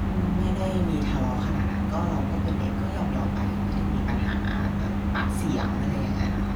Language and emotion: Thai, frustrated